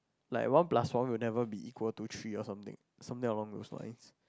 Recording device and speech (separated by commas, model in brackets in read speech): close-talking microphone, conversation in the same room